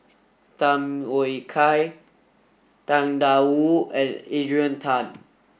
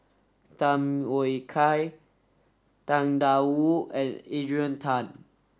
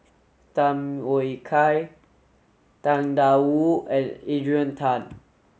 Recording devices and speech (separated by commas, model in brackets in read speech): boundary microphone (BM630), standing microphone (AKG C214), mobile phone (Samsung S8), read sentence